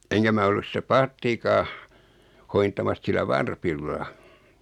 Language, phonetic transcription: Finnish, 'eŋkä mä ollus 'sitä "paattikaa , 'hointamas sillä "varpilla .
- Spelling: enkä minä ollut sitä paattiakaan hoitamassa sillä varpilla

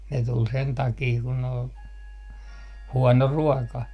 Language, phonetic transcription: Finnish, ne tul 'sen takii kun ‿ol , "huɔno 'ruɔka .
- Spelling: ne tuli sen takia kun oli huono ruoka

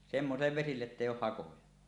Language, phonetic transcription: Finnish, semmosillev vesilleˀ 'ˀettèij̆j ‿ooh "hakoja .
- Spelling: semmoisille vesille että ei ole hakoja

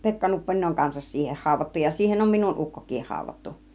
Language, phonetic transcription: Finnish, 'Pekka Nupponeˀ ˀoŋ 'kansas siiheh 'hàuvvattu , ja 'siihen on minun "ukkok̆kiih 'hàuv̆vattu .
- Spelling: Pekka Nupponen on kanssa siihen haudattu ja siihen on minun ukkokin haudattu

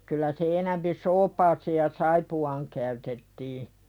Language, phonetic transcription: Finnish, kyl̆lä se enämpi "soopaaseeʲ ja 'saipu₍aaŋ käytettii .
- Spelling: kyllä se enempi soopaan ja saippuaan käytettiin

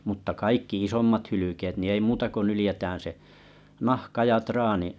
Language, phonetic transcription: Finnish, mutta 'kaikki 'isommat hylykeet ni 'ei 'muuta ko 'nylⁱjetän se , 'nahka ja 'traani .
- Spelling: mutta kaikki isommat hylkeet niin ei muuta kuin nyljetään se nahka ja traani

